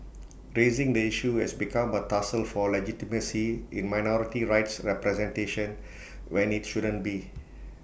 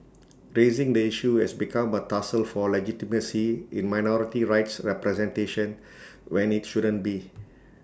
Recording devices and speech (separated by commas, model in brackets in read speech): boundary microphone (BM630), standing microphone (AKG C214), read sentence